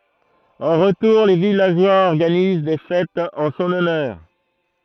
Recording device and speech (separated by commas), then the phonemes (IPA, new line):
throat microphone, read sentence
ɑ̃ ʁətuʁ le vilaʒwaz ɔʁɡaniz de fɛtz ɑ̃ sɔ̃n ɔnœʁ